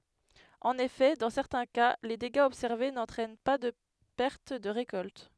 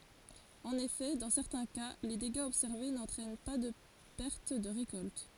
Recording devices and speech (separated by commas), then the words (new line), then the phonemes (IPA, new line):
headset microphone, forehead accelerometer, read sentence
En effet, dans certains cas, les dégâts observés n'entraînent par de perte de récolte.
ɑ̃n efɛ dɑ̃ sɛʁtɛ̃ ka le deɡaz ɔbsɛʁve nɑ̃tʁɛn paʁ də pɛʁt də ʁekɔlt